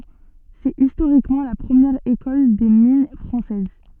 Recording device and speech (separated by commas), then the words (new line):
soft in-ear microphone, read sentence
C'est historiquement la première École des mines française.